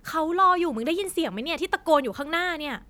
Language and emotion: Thai, frustrated